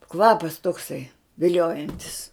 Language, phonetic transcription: Lithuanian, ˈkvapas tokˈsai viˈliojantis

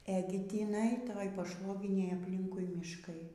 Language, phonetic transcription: Lithuanian, eˈgi tiˈnai ˈtoj paˈšvoginėj apˈlinkui mišˈkai

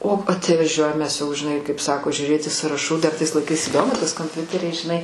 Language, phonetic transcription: Lithuanian, o at'vaˈžiuojam ˈmes jau žiˈnai kaip ˈsako žiuˈrėti sąraˈšų dar ˈtais laiˈkais įˈdomu tas komˈpiuteriai žiˈnai

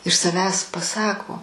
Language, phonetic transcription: Lithuanian, iš saˈvęs paˈsako

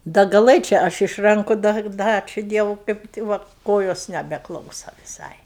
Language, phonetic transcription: Lithuanian, da gaˈlɘčia ˈaš iš ˈranku da ˈda ˈačiu ˈdievu kaip ti ˈva ˈkojos nebeˈklausa viˈsai

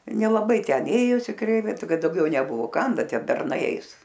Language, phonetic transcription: Lithuanian, nelaˈbai ten ˈėjosi ˈkreivi ˈkad dauˈgiau neˈbuvo ˈkam ˈbe ˈtie berˈnai ˈeis

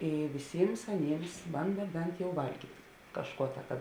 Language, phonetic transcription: Lithuanian, ˈy viˈsyms aˈnyms ˈbanda ˈbent jau ˈvalgyt' ˈkažˌkuo ta ka

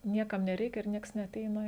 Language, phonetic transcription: Lithuanian, ˈniekam neˈreikia ir ˈnieks neaˈteina

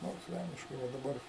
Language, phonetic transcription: Lithuanian, ˈnors ˈvelniškai ˈva daˈbar

